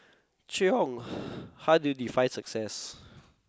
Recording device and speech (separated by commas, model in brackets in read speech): close-talking microphone, conversation in the same room